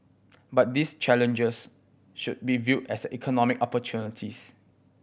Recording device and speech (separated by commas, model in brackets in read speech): boundary microphone (BM630), read sentence